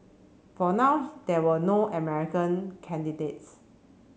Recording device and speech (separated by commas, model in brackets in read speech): mobile phone (Samsung C7), read sentence